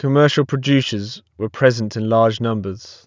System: none